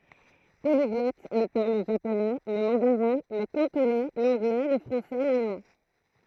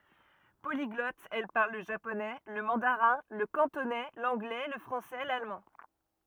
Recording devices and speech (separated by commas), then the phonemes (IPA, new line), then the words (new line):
throat microphone, rigid in-ear microphone, read sentence
poliɡlɔt ɛl paʁl lə ʒaponɛ lə mɑ̃daʁɛ̃ lə kɑ̃tonɛ lɑ̃ɡlɛ lə fʁɑ̃sɛ lalmɑ̃
Polyglotte, elle parle le japonais, le mandarin, le cantonais, l'anglais, le français, l'allemand...